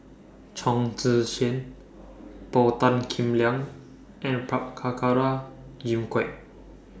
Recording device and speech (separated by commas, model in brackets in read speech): standing microphone (AKG C214), read sentence